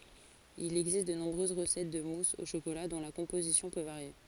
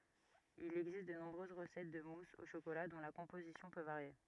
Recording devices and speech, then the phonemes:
forehead accelerometer, rigid in-ear microphone, read sentence
il ɛɡzist də nɔ̃bʁøz ʁəsɛt də mus o ʃokola dɔ̃ la kɔ̃pozisjɔ̃ pø vaʁje

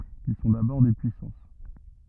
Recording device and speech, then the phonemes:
rigid in-ear microphone, read sentence
il sɔ̃ dabɔʁ de pyisɑ̃s

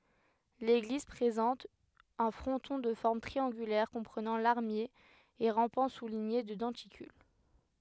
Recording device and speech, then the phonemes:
headset microphone, read sentence
leɡliz pʁezɑ̃t œ̃ fʁɔ̃tɔ̃ də fɔʁm tʁiɑ̃ɡylɛʁ kɔ̃pʁənɑ̃ laʁmje e ʁɑ̃pɑ̃ suliɲe də dɑ̃tikyl

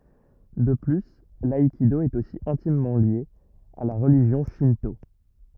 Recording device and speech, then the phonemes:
rigid in-ear microphone, read sentence
də ply laikido ɛt osi ɛ̃timmɑ̃ lje a la ʁəliʒjɔ̃ ʃɛ̃to

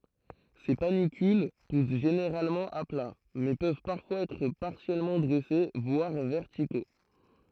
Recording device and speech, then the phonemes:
throat microphone, read sentence
se panikyl pus ʒeneʁalmɑ̃ a pla mɛ pøv paʁfwaz ɛtʁ paʁsjɛlmɑ̃ dʁɛse vwaʁ vɛʁtiko

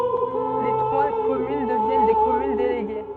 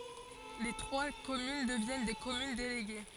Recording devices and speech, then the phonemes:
soft in-ear microphone, forehead accelerometer, read sentence
le tʁwa kɔmyn dəvjɛn de kɔmyn deleɡe

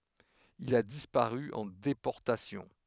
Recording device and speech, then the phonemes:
headset microphone, read sentence
il a dispaʁy ɑ̃ depɔʁtasjɔ̃

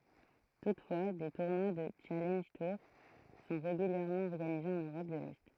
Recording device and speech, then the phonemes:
throat microphone, read sentence
tutfwa de tuʁnwa dy ʃalɑ̃ʒ tuʁ sɔ̃ ʁeɡyljɛʁmɑ̃ ɔʁɡanize ɑ̃n øʁɔp də lɛ

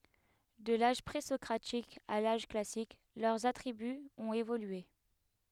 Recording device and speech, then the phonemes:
headset microphone, read sentence
də laʒ pʁezɔkʁatik a laʒ klasik lœʁz atʁibyz ɔ̃t evolye

